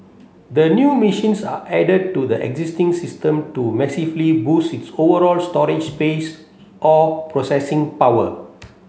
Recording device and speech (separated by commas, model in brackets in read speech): mobile phone (Samsung C7), read sentence